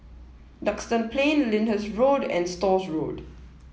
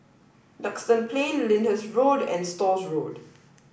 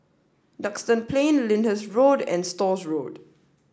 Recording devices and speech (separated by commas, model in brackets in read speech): mobile phone (iPhone 7), boundary microphone (BM630), standing microphone (AKG C214), read sentence